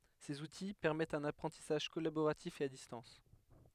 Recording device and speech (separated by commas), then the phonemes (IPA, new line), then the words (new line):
headset microphone, read sentence
sez uti pɛʁmɛtt œ̃n apʁɑ̃tisaʒ kɔlaboʁatif e a distɑ̃s
Ces outils, permettent un apprentissage collaboratif et à distance.